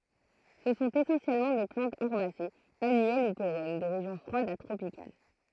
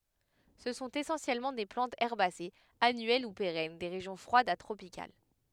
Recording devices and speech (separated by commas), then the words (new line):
throat microphone, headset microphone, read sentence
Ce sont essentiellement des plantes herbacées, annuelles ou pérennes, des régions froides à tropicales.